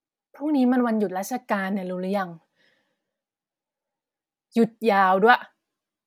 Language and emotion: Thai, frustrated